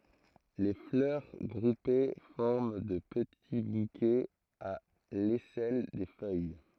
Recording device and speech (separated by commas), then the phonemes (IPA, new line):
throat microphone, read sentence
le flœʁ ɡʁupe fɔʁm də pəti bukɛz a lɛsɛl de fœj